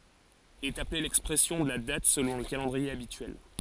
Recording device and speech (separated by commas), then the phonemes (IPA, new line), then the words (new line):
forehead accelerometer, read sentence
ɛt aple lɛkspʁɛsjɔ̃ də la dat səlɔ̃ lə kalɑ̃dʁie abityɛl
Est appelée l'expression de la date selon le calendrier habituel.